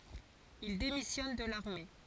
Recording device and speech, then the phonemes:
forehead accelerometer, read sentence
il demisjɔn də laʁme

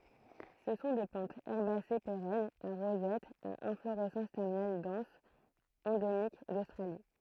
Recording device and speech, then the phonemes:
throat microphone, read sentence
sə sɔ̃ de plɑ̃tz ɛʁbase peʁɛnz a ʁozɛt a ɛ̃floʁɛsɑ̃s tɛʁminal dɑ̃s ɑ̃demik dostʁali

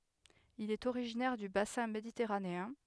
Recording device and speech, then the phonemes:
headset microphone, read sentence
il ɛt oʁiʒinɛʁ dy basɛ̃ meditɛʁaneɛ̃

